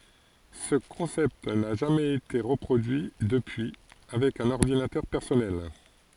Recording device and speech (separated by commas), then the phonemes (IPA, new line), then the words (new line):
forehead accelerometer, read sentence
sə kɔ̃sɛpt na ʒamɛz ete ʁəpʁodyi dəpyi avɛk œ̃n ɔʁdinatœʁ pɛʁsɔnɛl
Ce concept n'a jamais été reproduit depuis avec un ordinateur personnel.